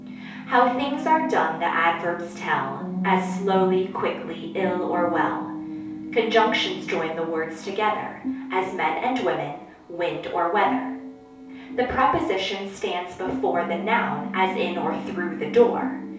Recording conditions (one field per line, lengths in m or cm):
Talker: one person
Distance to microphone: 3.0 m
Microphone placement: far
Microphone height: 1.8 m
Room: small (3.7 m by 2.7 m)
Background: television